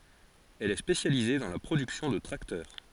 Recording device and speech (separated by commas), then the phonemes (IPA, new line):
forehead accelerometer, read sentence
ɛl ɛ spesjalize dɑ̃ la pʁodyksjɔ̃ də tʁaktœʁ